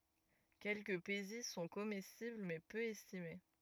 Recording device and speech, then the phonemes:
rigid in-ear microphone, read sentence
kɛlkəə peziz sɔ̃ komɛstibl mɛ pø ɛstime

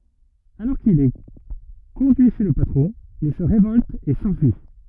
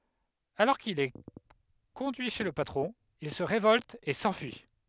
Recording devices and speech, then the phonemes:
rigid in-ear microphone, headset microphone, read sentence
alɔʁ kil ɛ kɔ̃dyi ʃe lə patʁɔ̃ il sə ʁevɔlt e sɑ̃fyi

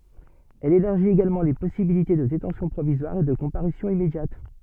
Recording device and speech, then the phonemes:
soft in-ear microphone, read sentence
ɛl elaʁʒit eɡalmɑ̃ le pɔsibilite də detɑ̃sjɔ̃ pʁovizwaʁ e də kɔ̃paʁysjɔ̃ immedjat

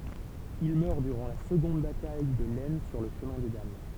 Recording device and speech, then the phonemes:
temple vibration pickup, read sentence
il mœʁ dyʁɑ̃ la səɡɔ̃d bataj də lɛsn syʁ lə ʃəmɛ̃ de dam

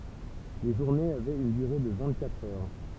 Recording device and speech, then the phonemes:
temple vibration pickup, read sentence
le ʒuʁnez avɛt yn dyʁe də vɛ̃t katʁ œʁ

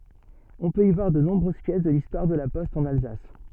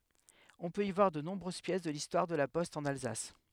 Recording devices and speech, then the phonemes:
soft in-ear microphone, headset microphone, read sentence
ɔ̃ pøt i vwaʁ də nɔ̃bʁøz pjɛs də listwaʁ də la pɔst ɑ̃n alzas

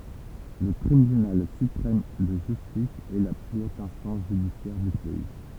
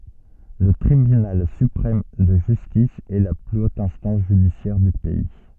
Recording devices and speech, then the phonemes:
temple vibration pickup, soft in-ear microphone, read sentence
lə tʁibynal sypʁɛm də ʒystis ɛ la ply ot ɛ̃stɑ̃s ʒydisjɛʁ dy pɛi

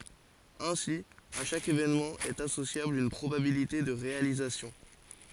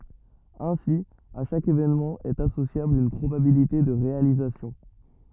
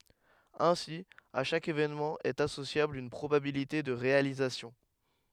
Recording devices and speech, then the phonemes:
forehead accelerometer, rigid in-ear microphone, headset microphone, read sentence
ɛ̃si a ʃak evenmɑ̃ ɛt asosjabl yn pʁobabilite də ʁealizasjɔ̃

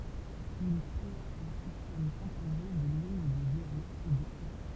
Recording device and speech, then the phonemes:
temple vibration pickup, read sentence
il kʁea œ̃ sistɛm kɔ̃poze də liɲ də zeʁoz e də œ̃

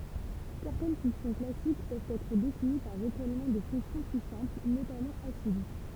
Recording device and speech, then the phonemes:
temple vibration pickup, read sentence
sɛʁtɛn fɔ̃ksjɔ̃ klasik pøvt ɛtʁ defini paʁ ʁəkɔlmɑ̃ də fɔ̃ksjɔ̃ ply sɛ̃pl notamɑ̃ afin

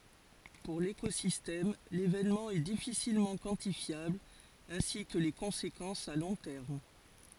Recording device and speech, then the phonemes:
forehead accelerometer, read sentence
puʁ lekozistɛm levenmɑ̃ ɛ difisilmɑ̃ kwɑ̃tifjabl ɛ̃si kə le kɔ̃sekɑ̃sz a lɔ̃ tɛʁm

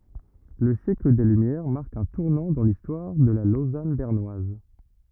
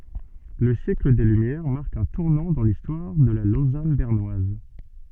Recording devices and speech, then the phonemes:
rigid in-ear microphone, soft in-ear microphone, read sentence
lə sjɛkl de lymjɛʁ maʁk œ̃ tuʁnɑ̃ dɑ̃ listwaʁ də la lozan bɛʁnwaz

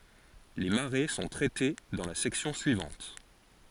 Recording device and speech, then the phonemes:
forehead accelerometer, read sentence
le maʁe sɔ̃ tʁɛte dɑ̃ la sɛksjɔ̃ syivɑ̃t

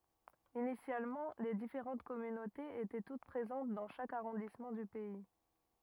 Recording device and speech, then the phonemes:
rigid in-ear microphone, read sentence
inisjalmɑ̃ le difeʁɑ̃t kɔmynotez etɛ tut pʁezɑ̃t dɑ̃ ʃak aʁɔ̃dismɑ̃ dy pɛi

